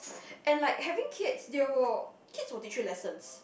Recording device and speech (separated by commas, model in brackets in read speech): boundary microphone, conversation in the same room